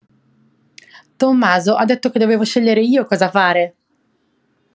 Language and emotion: Italian, happy